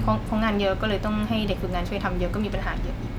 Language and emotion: Thai, frustrated